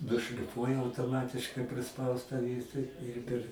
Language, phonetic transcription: Lithuanian, nušliˈfuoja autoˈmatiškai priˈspaustą ˈvieta ir per

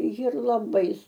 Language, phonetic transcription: Lithuanian, jir laˈbai

